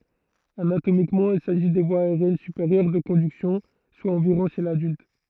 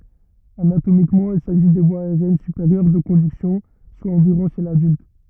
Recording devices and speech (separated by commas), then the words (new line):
throat microphone, rigid in-ear microphone, read sentence
Anatomiquement, il s'agit des voies aériennes supérieures de conduction, soit environ chez l'adulte.